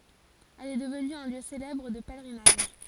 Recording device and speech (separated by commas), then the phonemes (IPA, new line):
forehead accelerometer, read sentence
ɛl ɛ dəvny œ̃ ljø selɛbʁ də pɛlʁinaʒ